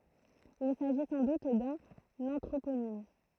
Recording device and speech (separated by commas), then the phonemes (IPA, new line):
throat microphone, read sentence
il saʒi sɑ̃ dut dœ̃n ɑ̃tʁoponim